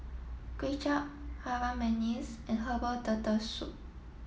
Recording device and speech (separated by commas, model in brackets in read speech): mobile phone (iPhone 7), read sentence